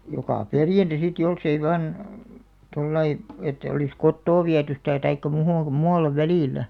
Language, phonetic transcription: Finnish, 'jokà "perjanta sit 'jolsei van , 'tollai , että olis "kottoo 'viäty stä̀ taikka 'mu(hom) "muallev "välilä .
- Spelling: joka perjantai sitten jos ei vain tuolla lailla että olisi kotoa viety sitä tai muuhun muualle välillä

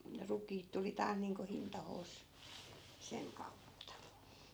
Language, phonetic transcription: Finnish, 'rukiit tuli 'taas niiŋko 'hintahoos , 'seŋ kautta .
- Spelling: rukiit tuli taas niin kuin hintaansa sen kautta

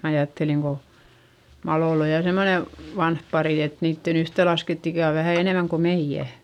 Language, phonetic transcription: Finnish, mä ajatteliŋ ko , Maloll ‿oj ja semmone , vanh parì et niitten yhtelaskett ‿ikä̀ o vähä̀ enèmäŋ ko meiʲä .
- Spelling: minä ajattelin kun Malolla on ja semmoinen vanha pari että niiden yhteenlaskettu ikä on vähän enemmän kuin meidän

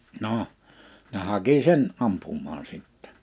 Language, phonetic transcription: Finnish, 'noʰ , ne 'haki 'sen , 'ampummaan 'sittɛ .
- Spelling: no ne haki sen ampumaan sitten

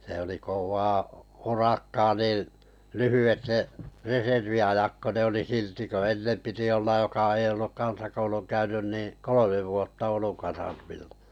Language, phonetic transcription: Finnish, sᵉ oli 'kov̀aa 'urakkaa nii , "lyhyvet ne , 'reservi₍ajak ko ne oli 'silti ko "ennem 'piti ollaj joka ei olluk 'kansakouluŋ 'käynyn nì , "kolomev 'vuotta 'Ouluŋ kasarmillᴀ .
- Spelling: se oli kovaa urakkaa niin lyhyet ne reserviajat kun ne oli silti kun ennen piti olla joka ei ollut kansakoulun käynyt niin kolme vuotta Oulun kasarmilla

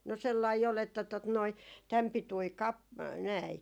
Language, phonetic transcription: Finnish, no 'sellai ol että tot noi , täm 'pitui "kap- , näi ,.
- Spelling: no sellainen oli että tuota noin tämän pituinen - näin

